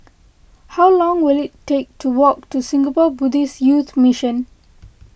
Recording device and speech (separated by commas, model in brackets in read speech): boundary microphone (BM630), read sentence